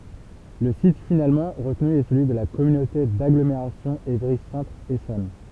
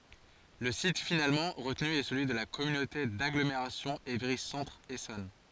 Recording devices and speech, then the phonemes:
temple vibration pickup, forehead accelerometer, read sentence
lə sit finalmɑ̃ ʁətny ɛ səlyi də la kɔmynote daɡlomeʁasjɔ̃ evʁi sɑ̃tʁ esɔn

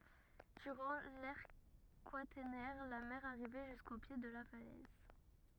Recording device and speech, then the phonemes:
rigid in-ear microphone, read sentence
dyʁɑ̃ lɛʁ kwatɛʁnɛʁ la mɛʁ aʁivɛ ʒysko pje də la falɛz

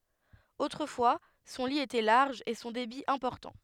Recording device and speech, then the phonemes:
headset microphone, read sentence
otʁəfwa sɔ̃ li etɛ laʁʒ e sɔ̃ debi ɛ̃pɔʁtɑ̃

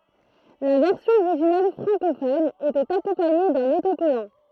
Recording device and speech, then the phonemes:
throat microphone, read sentence
la vɛʁsjɔ̃ oʁiʒinal fʁɑ̃kofɔn etɛt akɔ̃paɲe dœ̃n otokɔlɑ̃

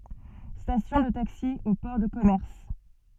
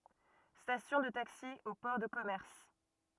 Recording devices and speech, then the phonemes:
soft in-ear microphone, rigid in-ear microphone, read sentence
stasjɔ̃ də taksi o pɔʁ də kɔmɛʁs

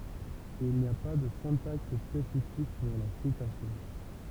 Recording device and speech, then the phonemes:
temple vibration pickup, read sentence
il ni a pa də sɛ̃taks spesifik puʁ la sitasjɔ̃

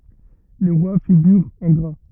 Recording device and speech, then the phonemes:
rigid in-ear microphone, read sentence
le ʁwa fiɡyʁt ɑ̃ ɡʁa

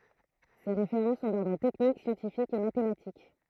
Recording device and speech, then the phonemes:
throat microphone, read sentence
se ʁefeʁɑ̃ sɔ̃ dɔʁdʁ tɛknik sjɑ̃tifikz e matematik

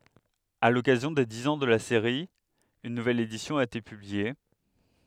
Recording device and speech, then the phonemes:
headset microphone, read sentence
a lɔkazjɔ̃ de diz ɑ̃ də la seʁi yn nuvɛl edisjɔ̃ a ete pyblie

